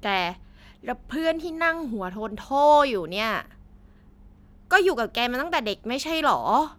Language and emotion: Thai, frustrated